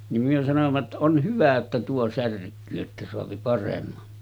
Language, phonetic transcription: Finnish, nim myö sanom̳§a ‿tta » 'on 'hyvä jotta tuo 'särk̆kyy että soapi paremma « .
- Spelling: niin me sanoimme jotta on hyvä jotta tuo särkyy että saa paremman

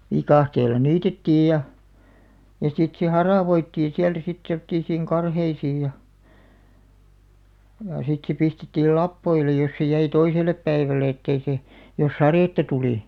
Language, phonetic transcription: Finnish, vikàhteel̆la 'niitettiij ja , ja 'sit se "haràvoittiiḭ 'siältä sit semᵒt̆tiisiiŋ 'karheisiij ja , jà 'sit se 'pistettiil "lappoile jos se 'jäi 'toisel̆lep 'päiväle ettei sè , jos "sarètta 'tulì .
- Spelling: viikatteella niitettiin ja ja sitten se haravoitiin sieltä sitten semmoisiin karheisiin ja ja sitten se pistettiin lapoille jos se jäi toiselle päivälle että ei se jos sadetta tuli

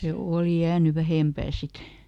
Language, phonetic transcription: Finnish, ˈse "òli ˈjääny "vähempää ˈsit .
- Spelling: se oli jäänyt vähempään sitten

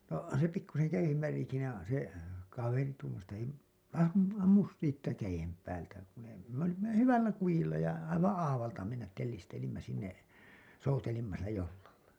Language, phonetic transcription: Finnish, no se pikkusen , jäij̆jev väli siinä , se , kaveri tuumas että » ei mu[uta kuin] , am- , ammus 'siittä 'käjem päältä kun ‿ei « , me ‿olimma jo "hyvällä 'kujilla ja , aivaa̰ "aavalta mennät tellistelimmä sinne , 'soutelimma sillä 'jollalla .
- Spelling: no se pikkuisen jäiden väliä siinä se kaveri tuumasi että ei muuta - ammu siitä käden päältä kun ei me olimme jo hyvällä kujilla ja aivan aavalta mennä tellistelimme sinne soutelimme sillä jollalla

